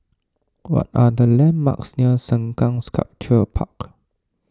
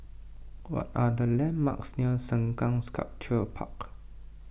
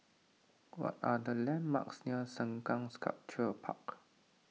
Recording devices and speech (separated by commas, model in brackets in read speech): standing microphone (AKG C214), boundary microphone (BM630), mobile phone (iPhone 6), read sentence